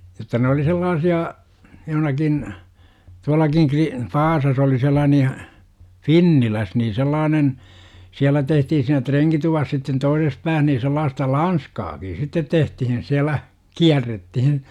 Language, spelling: Finnish, jotta ne oli sellaisia johonkin tuollakin - Vaasassa oli sellainen ja Finnilässä niin sellainen siellä tehtiin siinä renkituvassa sitten toisessa päässä niin sellaista lanskaakin sitten tehtiin siellä kierrettiin
- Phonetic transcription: jotta ne oli 'sellaasi₍a , joh°nakin , 'tualakiŋ Kri- , "Vaasas ‿,oli 'sellaanej ja , "finniläs nii 'sellaanen , 'siälä tehtihin siinä 'treŋkituvas sitten 'toises pääh nii sellaasta "lanskaaki sittet 'tehtihin siäl̆lä , "kiärrettihin .

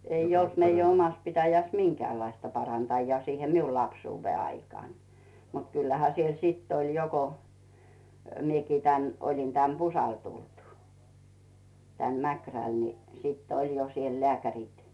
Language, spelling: Finnish, ei ollut meidän omassa pitäjässä minkäänlaista parantajaa siihen minulla lapsuuden aikaan mutta kyllähän siellä sitten oli jo kun minäkin tänne olin tänne Pusalle tullut tänne Mäkrälle niin sitten oli jo siellä lääkärit
- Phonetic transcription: 'ei olt meij ‿'omas pitäjäs "miŋkᵉäälaista 'parantajjaa siihe "miul 'lapsuuvve aikaan , mut 'kyllähä siel "sitt ‿oĺ 'jo ko , 'miekii tᵉään , oĺin teä̀m "Puusal tultᴜ , tän 'Mäkräl ni siitt ‿'oĺ jo siel "leäkär͕it .

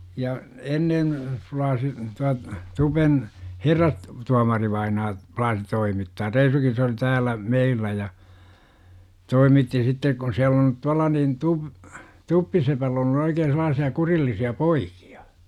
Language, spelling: Finnish, ja ennen plaasi tuo tupen - herrastuomarivainaa plaasi toimittaa reisunkin se oli täällä meillä ja toimitti sitten kun siellä on tuolla niin - tuppisepällä - ollut oikein sellaisia kurillisia poikia
- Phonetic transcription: ja , 'ennen , 'flaasi , 'tua , 'tupen , "herras- , 'tuamarivainaa , 'plaasi 'toimittaa , "reisukin se oli 'tääl̆lä , "meillä ja , 'toimitti sittek kun siäl ‿on , 'tualla niin tu- , "tuppisepäll ‿ ollu 'oikeen̬ sel̆laasia 'kurillisi₍a "poikI₍A .

